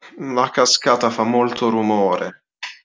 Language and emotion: Italian, sad